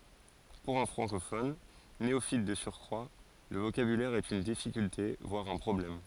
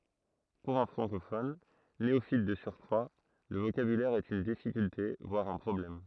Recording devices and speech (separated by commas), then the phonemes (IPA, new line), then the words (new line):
forehead accelerometer, throat microphone, read sentence
puʁ œ̃ fʁɑ̃kofɔn neofit də syʁkʁwa lə vokabylɛʁ ɛt yn difikylte vwaʁ œ̃ pʁɔblɛm
Pour un francophone, néophyte de surcroit, le vocabulaire est une difficulté voire un problème.